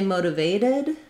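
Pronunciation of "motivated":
In 'motivated', the last t is a flap, so the end sounds like 'vaded'.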